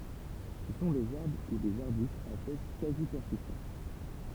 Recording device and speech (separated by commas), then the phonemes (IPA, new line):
temple vibration pickup, read sentence
sə sɔ̃ dez aʁbʁ u dez aʁbystz a fœj kazi pɛʁsistɑ̃t